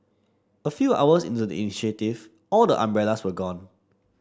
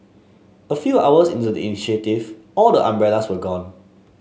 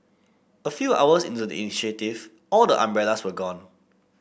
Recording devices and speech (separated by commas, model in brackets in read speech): standing microphone (AKG C214), mobile phone (Samsung S8), boundary microphone (BM630), read sentence